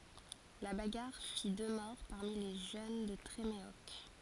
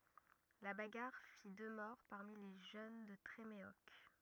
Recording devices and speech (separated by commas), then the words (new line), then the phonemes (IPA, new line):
forehead accelerometer, rigid in-ear microphone, read sentence
La bagarre fit deux morts parmi les jeunes de Tréméoc.
la baɡaʁ fi dø mɔʁ paʁmi le ʒøn də tʁemeɔk